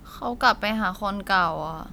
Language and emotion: Thai, sad